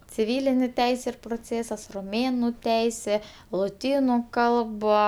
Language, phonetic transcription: Lithuanian, ciˈvylinė ˈteisė ir proˈcėsas roˈmėnu ˈteisė loˈtynu ˈkalba

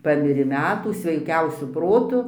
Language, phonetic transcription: Lithuanian, ˈpamirė ˈmetų sveiˈkiausiu ˈprotu

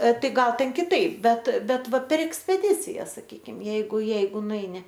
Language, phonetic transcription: Lithuanian, ˈtai ˈgal ten kiˈtaip ˈbet ˈbet ˈva per ekspeˈdicijas saˈkykim ˈjeigu ˈjeigu nuˈeini

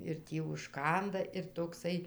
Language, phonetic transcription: Lithuanian, ir ˈtį užˈkanda ir tokˈsai

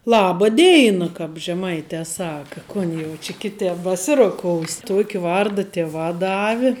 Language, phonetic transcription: Lithuanian, ˈlaba ˈdėina kap žeˈmaite ˈsaka ˈkon jau či ˈkiˌtep baˈsiroˌkous' ˈtuoki ˈvarda ˈtiˌvā ˈdavi

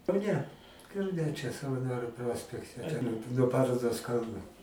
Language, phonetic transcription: Lithuanian, kauˈne kauˈne čia savaˈnoriu ˈprospekte no ˈparodos ˈkalnu

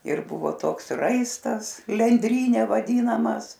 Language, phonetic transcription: Lithuanian, ir ˈbuvo ˈtoks ˈraistas lenˈdryne vaˈdynamas

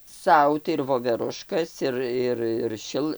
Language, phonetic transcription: Lithuanian, ˈsau tai ir voveˈruškas ˈir ˈir ir ˈšil

